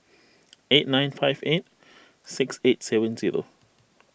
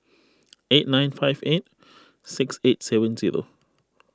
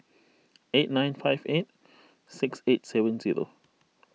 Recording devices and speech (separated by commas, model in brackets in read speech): boundary microphone (BM630), close-talking microphone (WH20), mobile phone (iPhone 6), read sentence